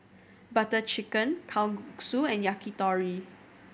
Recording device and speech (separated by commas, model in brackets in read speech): boundary microphone (BM630), read sentence